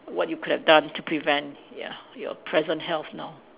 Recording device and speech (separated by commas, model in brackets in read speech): telephone, conversation in separate rooms